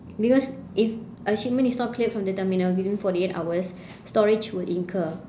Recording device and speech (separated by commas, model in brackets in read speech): standing microphone, conversation in separate rooms